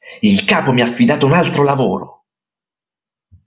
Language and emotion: Italian, angry